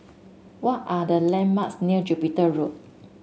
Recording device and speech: mobile phone (Samsung S8), read sentence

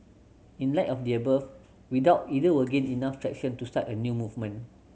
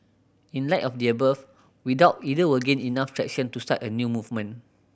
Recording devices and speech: mobile phone (Samsung C7100), boundary microphone (BM630), read sentence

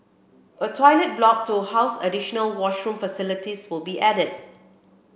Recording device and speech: boundary microphone (BM630), read sentence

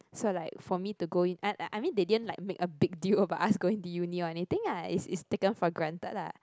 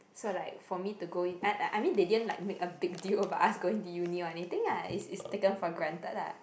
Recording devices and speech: close-talking microphone, boundary microphone, conversation in the same room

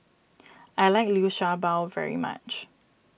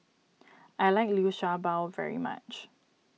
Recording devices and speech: boundary microphone (BM630), mobile phone (iPhone 6), read sentence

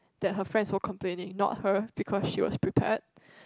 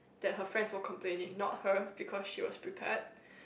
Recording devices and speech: close-talking microphone, boundary microphone, conversation in the same room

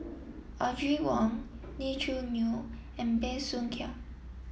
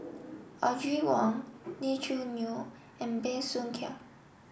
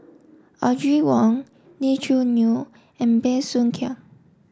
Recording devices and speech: mobile phone (iPhone 7), boundary microphone (BM630), standing microphone (AKG C214), read sentence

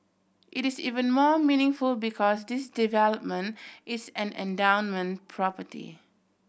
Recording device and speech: boundary microphone (BM630), read sentence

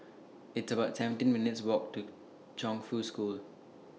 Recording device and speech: mobile phone (iPhone 6), read sentence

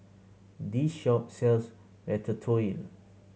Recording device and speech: mobile phone (Samsung C7100), read sentence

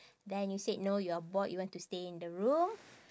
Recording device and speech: standing microphone, conversation in separate rooms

